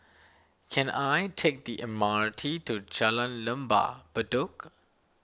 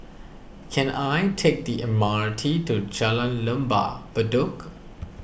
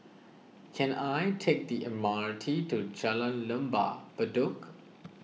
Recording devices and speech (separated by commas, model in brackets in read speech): standing microphone (AKG C214), boundary microphone (BM630), mobile phone (iPhone 6), read sentence